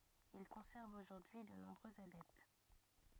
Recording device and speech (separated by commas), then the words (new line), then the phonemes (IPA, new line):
rigid in-ear microphone, read sentence
Il conserve aujourd'hui de nombreux adeptes.
il kɔ̃sɛʁv oʒuʁdyi də nɔ̃bʁøz adɛpt